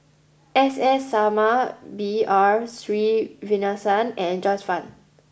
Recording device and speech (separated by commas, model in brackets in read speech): boundary microphone (BM630), read sentence